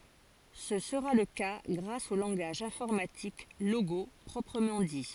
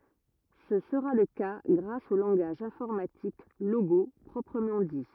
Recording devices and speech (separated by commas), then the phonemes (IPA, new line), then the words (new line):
forehead accelerometer, rigid in-ear microphone, read sentence
sə səʁa lə ka ɡʁas o lɑ̃ɡaʒ ɛ̃fɔʁmatik loɡo pʁɔpʁəmɑ̃ di
Ce sera le cas grâce au langage informatique Logo proprement dit.